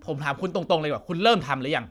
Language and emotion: Thai, angry